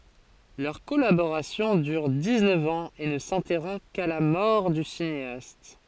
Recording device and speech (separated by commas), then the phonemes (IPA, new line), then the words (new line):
forehead accelerometer, read sentence
lœʁ kɔlaboʁasjɔ̃ dyʁ diksnœf ɑ̃z e nə sɛ̃tɛʁɔ̃ ka la mɔʁ dy sineast
Leur collaboration dure dix-neuf ans et ne s'interrompt qu'à la mort du cinéaste.